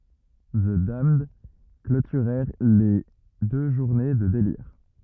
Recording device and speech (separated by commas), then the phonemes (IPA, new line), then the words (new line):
rigid in-ear microphone, read sentence
zə damnd klotyʁɛʁ le dø ʒuʁne də deliʁ
The Damned clôturèrent les deux journées de délires.